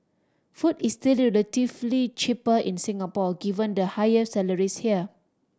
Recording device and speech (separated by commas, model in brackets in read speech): standing microphone (AKG C214), read sentence